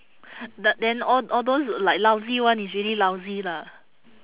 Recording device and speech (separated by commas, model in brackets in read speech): telephone, conversation in separate rooms